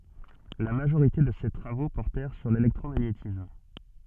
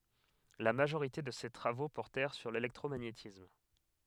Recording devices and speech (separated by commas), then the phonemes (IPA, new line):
soft in-ear microphone, headset microphone, read sentence
la maʒoʁite də se tʁavo pɔʁtɛʁ syʁ lelɛktʁomaɲetism